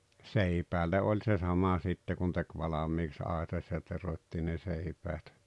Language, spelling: Finnish, seipäälle oli se sama sitten kun teki valmiiksi aitasi ja teroitti ne seipäät
- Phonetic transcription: seipäälle 'oĺ se 'sama sitte kun tek "valamiiks 'àetas ja 'terot́t́i ne 'seipäät .

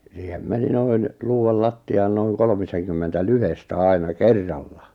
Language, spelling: Finnish, siihen meni noin luudalla lattiaan noin kolmisenkymmentä lyhdettä aina kerralla
- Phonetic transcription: siihem 'meni noin , 'luu₍al 'latti₍aan noiŋ 'kolmiseŋkymmentä "lyhestä 'àina "kerralla .

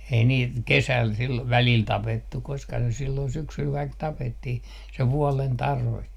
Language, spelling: Finnish, ei niitä kesällä silloin välillä tapettu koska se silloin syksyllä kaikki tapettiin se vuoden tarve
- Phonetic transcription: ei niit "kesä̀l sillov välìl "tapettuk̆ koska se sillon 'syksyl kaik 'tapettih se "vuɔlen 'tarve .

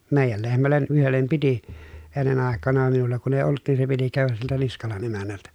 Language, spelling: Finnish, meidän lehmälle yhdelle piti ennen aikana minulla kun ei ollut niin se piti käydä siltä Niskalan emännältä
- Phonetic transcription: mèijäl lehmällen ʼyhellem piti , ennen àek̆kana minulla kun ‿èi olˡᵘt nin se piti kä̀öväs siltä Niskalan emännältä .

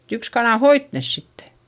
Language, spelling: Finnish, yksi kana hoiti ne sitten
- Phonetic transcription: yks kanà hoit nes sitte .

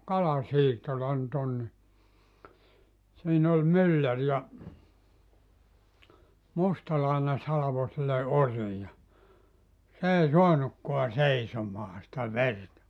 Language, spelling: Finnish, kalasiittola nyt on niin siinä oli mylläri ja mustalainen salvoi sille orin ja se ei saanutkaan seisomaan sitä verta
- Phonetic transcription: 'kala'siittola nʸ't ‿on ni , siin ‿ol "myllär ja , 'mustalàine 'salavo sille "orii ja , 's ‿èi "soanukkoa "seisomaa sⁱtä "verta .

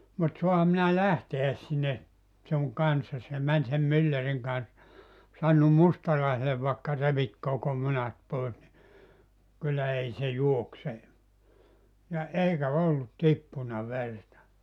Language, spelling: Finnish, mutta saanhan minä lähteä sinne sinun kanssasi ja meni sen myllärin kanssa sanonut mustalaiselle vaikka revit koko munat pois niin kyllä ei se juokse ja eikä ollut tippunut verta
- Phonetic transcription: » mut 'soaham minä "lähteäs sinne , suŋ 'kanssas « ja män sem 'mylläriŋ kans , sannum 'mustalaisele » vaekka 'revit koko 'munat 'pois ni , kyllä 'ei se "juokse « , ja 'eikä 'ollut 'tippuna "verta .

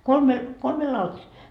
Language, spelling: Finnish, kolme kolme lautasta
- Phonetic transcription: "kolme , 'kolme 'lautasta .

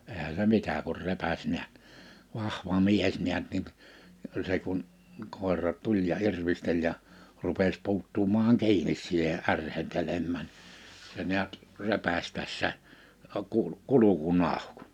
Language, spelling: Finnish, eihän se mitä kun repäisi näet vahva mies näet niin se kun koira tuli ja irvisteli ja rupesi puuttumaan kiinni siihen ärhentelemään se näet repäisi tässä - - kurkun auki
- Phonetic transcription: eehä se 'mitä kur 'repäś 'niät , 'vahva 'mies 'niät niin̳ , se kun , 'kòera 'tuĺ ja '’irvisteĺ ja , 'rupes 'pu̬uttumaaŋ 'ki̬inis siihe '’ärhentelemmä̀n , se ni̬ät , 'repäś täss̳ä , ə ku- , 'kul̆uku'n ‿àuk .

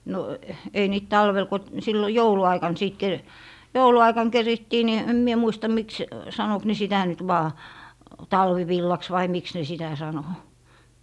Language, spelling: Finnish, no ei niitä talvella kun silloin jouluaikana sitten - jouluaikana kerittiin niin en minä muista miksi sanoiko ne sitä nyt vain talvivillaksi vai miksi ne sitä sanoi
- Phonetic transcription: no , ei niit "talvel ko , 'sillo "joulu₍'aikan 'sìt ke- , "joulu₍aikaŋ 'kerittii ni , 'em mie muista 'miks , sanok ne 'sitä nyt vaa , "talvivillaks vai 'miks ne 'sitä 'sano .

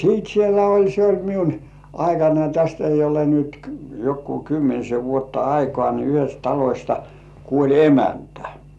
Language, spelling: Finnish, sitten siellä oli se oli minun aikanani tästä ei ole nyt joku kymmenisen vuotta aikaa niin yhdestä talosta kuoli emäntä
- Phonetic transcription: siit 'sielä oĺ se oĺ "miun , 'aikanai täst ‿ei ole nyt , "jokkuu 'kymmenise vuotta 'aikŏà ni yhest "talośta , 'kuoĺ "emäntᴀ̈ .

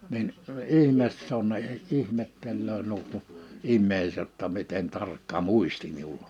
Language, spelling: Finnish, niin ihme se on ne ihmettelee nuo kun ihmiset jotta miten tarkka muisti minulla on
- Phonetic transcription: nin , "ihmes s ‿on ne , 'ihmettellöö (nuo ku) , 'immeiset ‿tta 'miten 'tarkka "mùisti 'miul̀ ‿ᴏ .

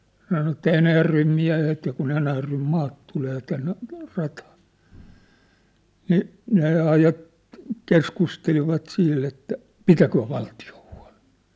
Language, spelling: Finnish, se sanoi että Enäjärven miehet ja kun Enäjärven maat tulee tänne rataan niin ne - keskustelivat sitten että pitäköön valtio huolen
- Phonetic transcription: (se) sano että 'Enäjärvem 'miä̭het ja ku'n ‿Enäjärvem 'maat tulee 'tänne , rataa , nì , ne 'ajat- , 'keskustelivat siit ‿että , "pitäköö 'valti₍o hua̭lᴇʿⁿ̭ʾ !

